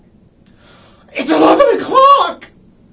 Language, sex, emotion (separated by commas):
English, male, fearful